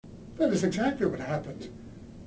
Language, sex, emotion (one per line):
English
male
neutral